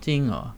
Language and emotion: Thai, frustrated